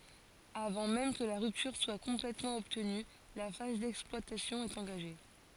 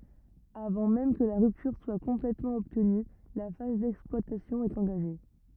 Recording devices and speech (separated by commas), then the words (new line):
forehead accelerometer, rigid in-ear microphone, read sentence
Avant même que la rupture soit complètement obtenue, la phase d'exploitation est engagée.